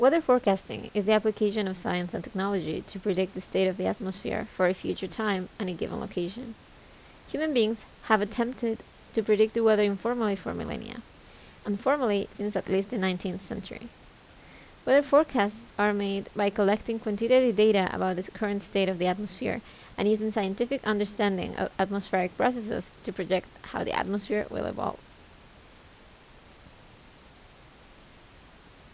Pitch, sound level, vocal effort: 210 Hz, 79 dB SPL, normal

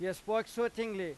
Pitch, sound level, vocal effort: 220 Hz, 96 dB SPL, loud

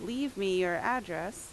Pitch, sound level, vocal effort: 215 Hz, 86 dB SPL, loud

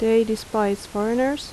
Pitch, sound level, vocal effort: 220 Hz, 80 dB SPL, soft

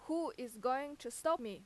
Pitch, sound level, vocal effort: 255 Hz, 91 dB SPL, very loud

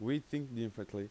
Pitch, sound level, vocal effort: 115 Hz, 87 dB SPL, loud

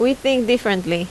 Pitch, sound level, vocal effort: 245 Hz, 82 dB SPL, loud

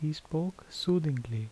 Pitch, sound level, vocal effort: 155 Hz, 75 dB SPL, soft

